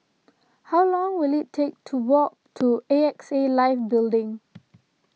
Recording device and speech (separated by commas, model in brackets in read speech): mobile phone (iPhone 6), read sentence